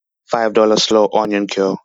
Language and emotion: English, disgusted